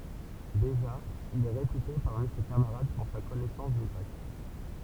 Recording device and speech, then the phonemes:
temple vibration pickup, read sentence
deʒa il ɛ ʁepyte paʁmi se kamaʁad puʁ sa kɔnɛsɑ̃s dy ɡʁɛk

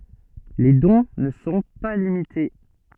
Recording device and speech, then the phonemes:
soft in-ear microphone, read sentence
le dɔ̃ nə sɔ̃ pa limite

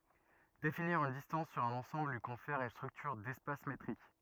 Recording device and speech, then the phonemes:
rigid in-ear microphone, read sentence
definiʁ yn distɑ̃s syʁ œ̃n ɑ̃sɑ̃bl lyi kɔ̃fɛʁ yn stʁyktyʁ dɛspas metʁik

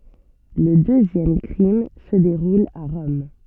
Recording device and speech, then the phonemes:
soft in-ear microphone, read sentence
lə døzjɛm kʁim sə deʁul a ʁɔm

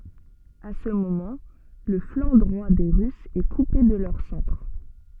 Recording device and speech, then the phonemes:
soft in-ear microphone, read sentence
a sə momɑ̃ lə flɑ̃ dʁwa de ʁysz ɛ kupe də lœʁ sɑ̃tʁ

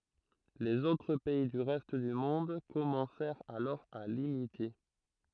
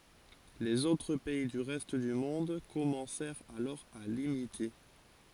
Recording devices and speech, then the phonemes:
throat microphone, forehead accelerometer, read sentence
lez otʁ pɛi dy ʁɛst dy mɔ̃d kɔmɑ̃sɛʁt alɔʁ a limite

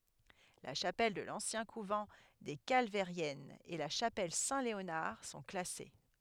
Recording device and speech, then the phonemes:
headset microphone, read sentence
la ʃapɛl də lɑ̃sjɛ̃ kuvɑ̃ de kalvɛʁjɛnz e la ʃapɛl sɛ̃tleonaʁ sɔ̃ klase

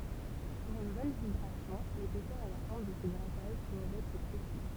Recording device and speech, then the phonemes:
temple vibration pickup, read sentence
puʁ yn bɔn vibʁasjɔ̃ lepɛsœʁ e la fɔʁm də sə ɡʁataʒ dwavt ɛtʁ pʁesi

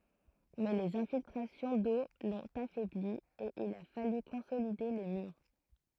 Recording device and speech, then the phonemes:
throat microphone, read sentence
mɛ lez ɛ̃filtʁasjɔ̃ do lɔ̃t afɛbli e il a faly kɔ̃solide le myʁ

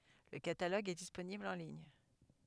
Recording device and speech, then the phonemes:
headset microphone, read sentence
lə kataloɡ ɛ disponibl ɑ̃ liɲ

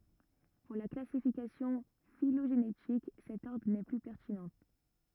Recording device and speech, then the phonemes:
rigid in-ear microphone, read sentence
puʁ la klasifikasjɔ̃ filoʒenetik sɛt ɔʁdʁ nɛ ply pɛʁtinɑ̃

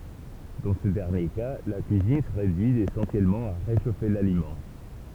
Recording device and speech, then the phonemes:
temple vibration pickup, read sentence
dɑ̃ sə dɛʁnje ka la kyizin sə ʁedyi esɑ̃sjɛlmɑ̃ a ʁeʃofe lalimɑ̃

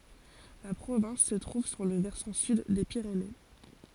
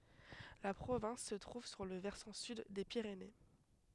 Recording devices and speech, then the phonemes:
forehead accelerometer, headset microphone, read sentence
la pʁovɛ̃s sə tʁuv syʁ lə vɛʁsɑ̃ syd de piʁene

